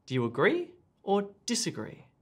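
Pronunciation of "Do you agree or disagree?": The intonation rises and then falls in this either-or question.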